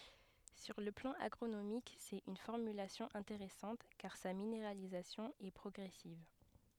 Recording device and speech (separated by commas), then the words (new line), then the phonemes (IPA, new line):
headset microphone, read sentence
Sur le plan agronomique, c’est une formulation intéressante car sa minéralisation est progressive.
syʁ lə plɑ̃ aɡʁonomik sɛt yn fɔʁmylasjɔ̃ ɛ̃teʁɛsɑ̃t kaʁ sa mineʁalizasjɔ̃ ɛ pʁɔɡʁɛsiv